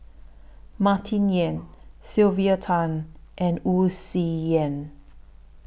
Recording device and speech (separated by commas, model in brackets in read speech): boundary microphone (BM630), read sentence